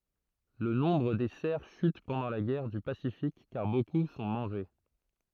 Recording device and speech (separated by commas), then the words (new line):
throat microphone, read sentence
Le nombre des cerfs chute pendant la guerre du Pacifique car beaucoup sont mangés.